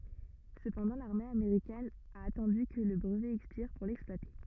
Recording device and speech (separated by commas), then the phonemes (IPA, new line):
rigid in-ear microphone, read sentence
səpɑ̃dɑ̃ laʁme ameʁikɛn a atɑ̃dy kə lə bʁəvɛ ɛkspiʁ puʁ lɛksplwate